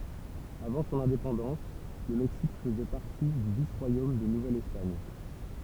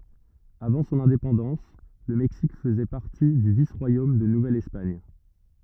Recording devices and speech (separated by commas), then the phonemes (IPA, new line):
temple vibration pickup, rigid in-ear microphone, read sentence
avɑ̃ sɔ̃n ɛ̃depɑ̃dɑ̃s lə mɛksik fəzɛ paʁti dy vis ʁwajom də nuvɛl ɛspaɲ